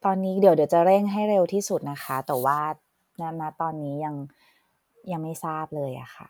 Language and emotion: Thai, sad